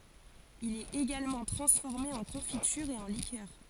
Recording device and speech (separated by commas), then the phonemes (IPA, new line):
forehead accelerometer, read sentence
il ɛt eɡalmɑ̃ tʁɑ̃sfɔʁme ɑ̃ kɔ̃fityʁ e ɑ̃ likœʁ